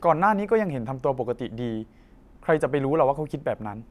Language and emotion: Thai, neutral